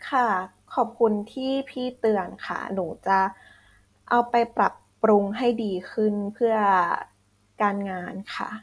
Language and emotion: Thai, frustrated